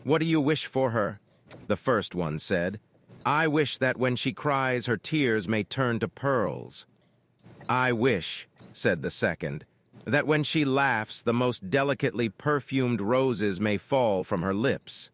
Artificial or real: artificial